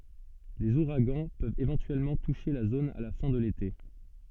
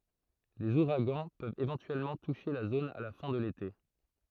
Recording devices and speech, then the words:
soft in-ear microphone, throat microphone, read sentence
Les ouragans peuvent éventuellement toucher la zone à la fin de l’été.

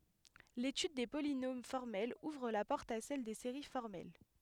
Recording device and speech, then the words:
headset microphone, read sentence
L'étude des polynômes formels ouvre la porte à celle des séries formelles.

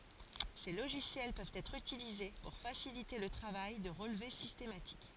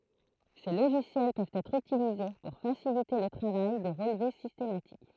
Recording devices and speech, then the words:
forehead accelerometer, throat microphone, read sentence
Ces logiciels peuvent être utilisés pour faciliter le travail de relevé systématique.

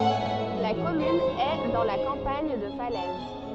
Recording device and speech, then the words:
soft in-ear microphone, read sentence
La commune est dans la campagne de Falaise.

